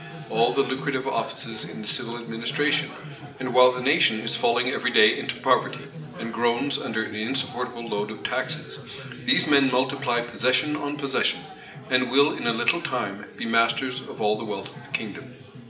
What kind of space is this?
A big room.